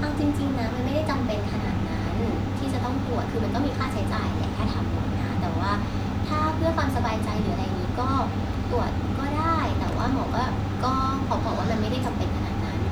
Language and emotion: Thai, neutral